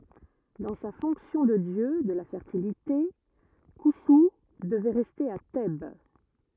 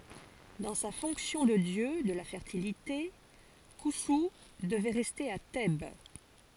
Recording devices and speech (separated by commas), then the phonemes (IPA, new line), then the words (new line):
rigid in-ear microphone, forehead accelerometer, read sentence
dɑ̃ sa fɔ̃ksjɔ̃ də djø də la fɛʁtilite kɔ̃su dəvɛ ʁɛste a tɛb
Dans sa fonction de dieu de la Fertilité, Khonsou devait rester à Thèbes.